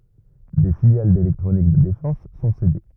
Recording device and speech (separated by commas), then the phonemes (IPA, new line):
rigid in-ear microphone, read sentence
de filjal delɛktʁonik də defɑ̃s sɔ̃ sede